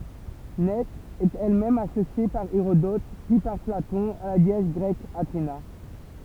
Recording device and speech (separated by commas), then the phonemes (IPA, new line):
temple vibration pickup, read sentence
nɛ ɛt ɛl mɛm asosje paʁ eʁodɔt pyi paʁ platɔ̃ a la deɛs ɡʁɛk atena